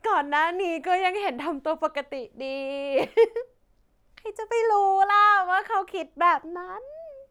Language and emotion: Thai, happy